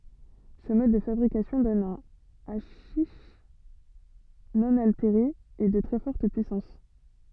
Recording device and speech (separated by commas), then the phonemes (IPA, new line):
soft in-ear microphone, read sentence
sə mɔd də fabʁikasjɔ̃ dɔn œ̃ aʃiʃ nɔ̃ alteʁe e də tʁɛ fɔʁt pyisɑ̃s